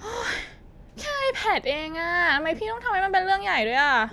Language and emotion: Thai, frustrated